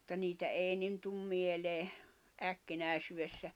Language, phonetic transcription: Finnish, ᴍᴜtta niitä 'èi nin tum mielee , 'äkkinä̀isywessä .
- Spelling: mutta niitä ei niin tule mieleen äkkinäisyydessä

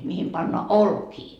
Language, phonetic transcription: Finnish, mihim pannoa "olkii .
- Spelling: mihin pannaan olkia

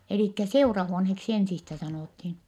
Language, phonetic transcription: Finnish, elìkkä seurahuonheksi ensistä sanòthin .
- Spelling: eli seurahuoneeksi ensistä sanottiin

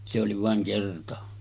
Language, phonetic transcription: Finnish, se oli vàeŋ 'kerta .
- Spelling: se oli vain kerta

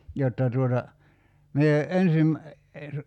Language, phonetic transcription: Finnish, 'jotta tuota , 'mie 'ensim , (es-) ,.
- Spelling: jotta tuota minä ensin -

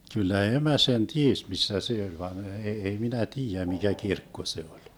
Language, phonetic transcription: Finnish, kyllä "emä sen "ties 'missä se oĺ van e- ei minä "tiijä mikä "kirkko se 'oĺ .
- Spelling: kyllä emä sen tiesi missä se oli vaan - ei minä tiedä mikä kirkko se oli

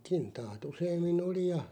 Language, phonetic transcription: Finnish, 'kintaat 'useemmi"n ‿oli ja ,.
- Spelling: kintaat useammin oli ja

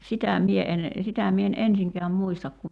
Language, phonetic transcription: Finnish, 'sitä 'mie en , 'sitä mie en "ensiŋkeäm 'muistak ku ,.
- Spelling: sitä minä en sitä minä en ensinkään muista kun

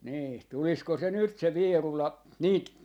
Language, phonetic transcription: Finnish, nii , 'tulisko se 'nyt se "Vierula , 'niit , .
- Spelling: niin tulisiko se nyt se Vierula niitä

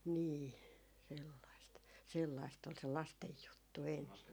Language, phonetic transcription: Finnish, nii , sellaist , 'sellaist ol se "lastej 'juttu "enne .
- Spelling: niin sellaista sellaista oli se lasten juttu ennen

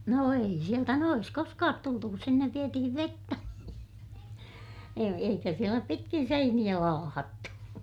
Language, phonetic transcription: Finnish, no ei sieltä noʲes koskaat tultu kus sinnev vietihiv vettä , e - eikä sielä pitkin seiniʲä laahattu .
- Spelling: no ei sieltä noessa koskaan tultu kun sinne vietiin vettä - eikä siellä pitkin seiniä laahattu

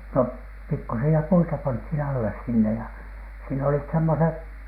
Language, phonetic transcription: Finnish, no , 'pikkusi₍a 'puita panthin 'alles sinne ja , siin olit 'semmoseh ,.
- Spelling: no pikkuisia puita pantiin alle sinne ja siinä olivat semmoiset

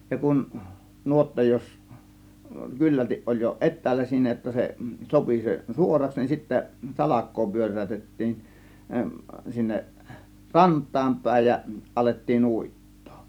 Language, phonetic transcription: Finnish, ja 'kun , 'nuotta 'jos , 'kyllältiˀ ˀoĺ jo "ˀet̆täällä siinä jotta se , 'sopi se "suoraks , nin sittä "salak̆koo 'pyör̀ä̀ytettiin , 'sinneˀ , "rant̆taam 'pä̀ėj ja , 'ˀalettiin "ùit̀tOO .
- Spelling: ja kun nuotta jos kyllälti oli jo etäällä siinä jotta se sopi se suoraksi niin sitten salkoa pyöräytettiin sinne rantaan päin ja alettiin uittaa

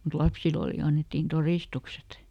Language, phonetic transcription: Finnish, mut "lapsil ‿oli ˈannettiin "torìstukset .
- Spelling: mutta lapsille oli annettiin todistukset

